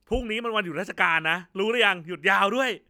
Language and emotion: Thai, angry